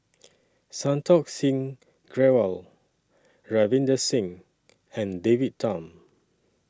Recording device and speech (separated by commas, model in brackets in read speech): standing microphone (AKG C214), read sentence